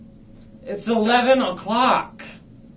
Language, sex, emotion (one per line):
English
male
angry